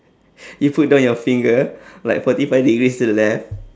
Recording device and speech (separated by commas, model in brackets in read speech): standing microphone, conversation in separate rooms